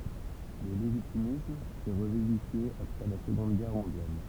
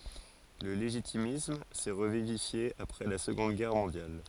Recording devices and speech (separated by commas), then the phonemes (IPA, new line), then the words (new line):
temple vibration pickup, forehead accelerometer, read sentence
lə leʒitimism sɛ ʁəvivifje apʁɛ la səɡɔ̃d ɡɛʁ mɔ̃djal
Le légitimisme s'est revivifié après la Seconde Guerre mondiale.